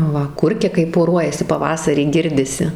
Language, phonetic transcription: Lithuanian, ˈva ˈkurkia kai poˈruojasi paˈvasarį ˈgirdisi

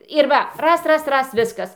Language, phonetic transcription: Lithuanian, ir ˈva ˈras ˈras ˈras ˈviskas

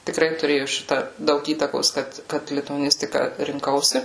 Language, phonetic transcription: Lithuanian, tiˈkrai tuˈrėju ˈšita ˈdaug ˈįtakos ˈkad ˈkad lituaˈnistika rinˈkausi

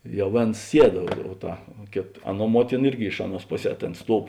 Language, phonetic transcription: Lithuanian, ˈjau ˈvėns ˈsied o ˈta ˈkėt ˈaˌnuo ˈmuotina ˈirgi ˈiš aˌnuos ˈpoˌsē ˈtėn ˈstuov

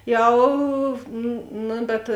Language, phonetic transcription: Lithuanian, ˈjau ˈnu bet

